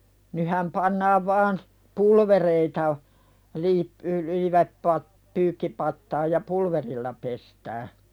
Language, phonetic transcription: Finnish, nyhäm 'pannaav vaan , "pulvereita o , (liip- y- lyivät pat-) , 'pyykkipattaaj ja "pulverilla pestää .
- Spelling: nythän pannaan vain pulvereita on - - - - pyykkipataan ja pulverilla pestään

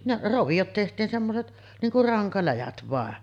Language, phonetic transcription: Finnish, ne’ , 'rovijot tehtiin semmoset , 'niiŋ kur "raŋkaläjät vàen .
- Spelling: ne roviot tehtiin semmoiset niin kuin rankaläjät vain

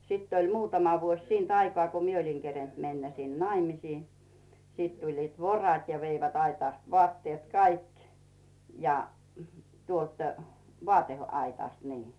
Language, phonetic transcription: Finnish, 'sitt ‿oĺ 'muutama vuoś 'siint "aikᵒà ko 'mie oliŋ kerent me̳nnä 'sin "naimisii , 'siit tuĺliit "vorat ja veivät 'aitàst 'vᵒàttiet "kaik ja , 'tuolt , "vòate₍'aitàst nii .
- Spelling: sitten oli muutama vuosi siitä aikaa kun minä olin kerinnyt mennä sinne naimisiin sitten tulivat vorot ja veivät aitasta vaatteet kaikki ja tuolta vaateaitasta niin

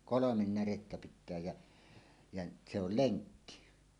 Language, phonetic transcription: Finnish, kolomen 'närettä pit̆tää jä , jä , se ‿ol "leŋkki .
- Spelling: kolme närettä pitää ja ja se oli lenkki

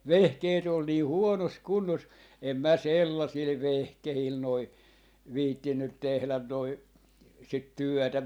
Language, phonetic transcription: Finnish, "vehkeet ‿ol 'nii "huonos "kunnos , "em 'mä "sellasil "vehkehil noi , 'viittinnyt 'tehlän noi , sit "työtä .
- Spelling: vehkeet oli niin huonossa kunnossa en minä sellaisilla vehkeillä noin viitsinyt tehdä noin sitä työtä

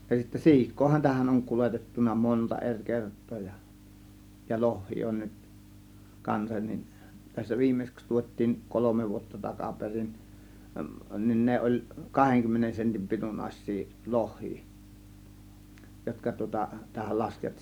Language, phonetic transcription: Finnish, ja sittä "si̬ik̆koohan tähän oŋ 'kuletettun̆na "monta 'er 'kert̆too ja , ja "lohhii on nyt , 'kansan nin , tässä 'viimmeⁱsᵉks 'tuot́̆tiin , "kolome vuotta 'takaperin , nin 'ne oĺ , 'kaheŋ-kymmenen sentim 'pitunnaĭs̆sii , "loh̆hii , 'jotka tŭŏta , tähäl ('laskettiin) .
- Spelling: ja sitten siikaahan tähän on kuljetettu monta eri kertaa ja ja lohia on nyt kanssa niin tässä viimeiseksi tuotiin kolme vuotta takaperin niin ne oli kahdenkymmenen sentin pituisia lohia jotka tuota tähän laskettiin

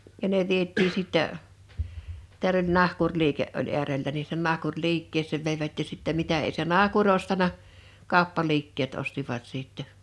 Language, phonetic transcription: Finnish, ja ne 'viet̆tii sittä , teäl ‿oĺ 'nahkurliike’ ’oĺ 'eärellä ni (sinnen) 'nahkuŕ'liikkees̆sèv 'veivät ja sittɛ 'mitä ei se "nahku'ŕ ‿ostana , 'kào̭ppaliikkeet 'ostivat 'sìttɛ .
- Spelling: ja ne vietiin sitten täällä oli nahkuriliike oli äärellä niin sinne nahkuriliikkeeseen veivät ja sitten mitä ei se nahkuri ostanut kauppaliikkeet ostivat sitten

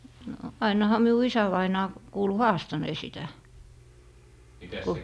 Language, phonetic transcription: Finnish, no ai- , no 'ainaha 'miu "isävainaa , 'kuulu "haastanee sitä , ku ,.
- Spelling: no - no ainahan minun isävainaja kuului haastaneen sitä kun

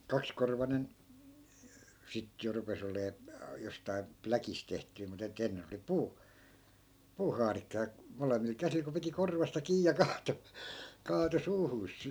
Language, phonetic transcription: Finnish, 'kakskorvanen , 'sit jo rupe's ‿olee , 'jostai̮ , "pläkis tehtyi mut ‿e't ‿ennen oli "puu- , 'puuhaarikka ja , 'molemmil 'käsil ko piti "korvasta 'kii ja "kaato , 'kaato 'suuhuus .
- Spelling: kaksikorvainen sitten jo rupesi olemaan jostakin pläkistä tehty mutta että ennen oli - puuhaarikka ja molemmilla käsillä kun piti korvasta kiinni ja kaatoi kaatoi suuhunsa

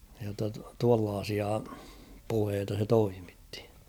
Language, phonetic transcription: Finnish, jotta tuallaasia , 'puheeta se 'toimittɪ .
- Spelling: jotta tuollaisia puheita se toimitti

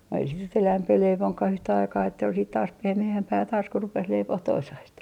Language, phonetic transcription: Finnish, ei sit nyt 'elämpi 'leivoŋkah ‿yhtä aikaa että ol siit taas 'pehme₍ämpää taas ku 'rupes 'leipoh toisaist .
- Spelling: ei sitä nyt enempää leivokaan yhtä aikaa että oli sitten taas pehmeämpää taas kun rupesi leipomaan toisaista

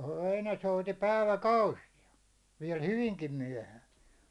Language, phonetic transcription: Finnish, voi ne 'souti 'päivä"kausija , viɛl "hyviŋkim 'myäₒhään .
- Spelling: voi ne souti päiväkausia vielä hyvinkin myöhään

